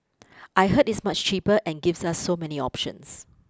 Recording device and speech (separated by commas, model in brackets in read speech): close-talking microphone (WH20), read sentence